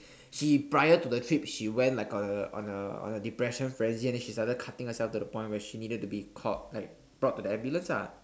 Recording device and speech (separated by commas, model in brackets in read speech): standing microphone, conversation in separate rooms